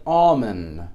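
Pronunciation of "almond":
'Almond' ends with a small sound in place of the d sound.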